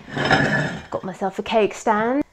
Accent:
English accent